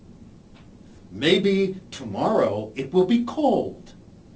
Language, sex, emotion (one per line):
English
male
disgusted